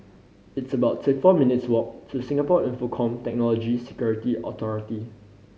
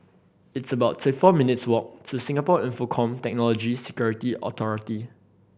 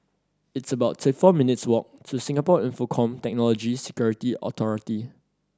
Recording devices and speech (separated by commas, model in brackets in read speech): mobile phone (Samsung C5010), boundary microphone (BM630), standing microphone (AKG C214), read sentence